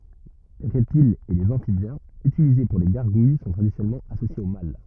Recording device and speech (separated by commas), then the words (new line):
rigid in-ear microphone, read sentence
Les reptiles et les amphibiens utilisés pour les gargouilles sont traditionnellement associés au mal.